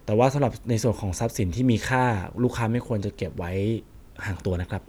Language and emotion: Thai, neutral